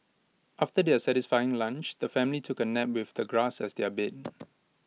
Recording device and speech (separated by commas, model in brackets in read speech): mobile phone (iPhone 6), read sentence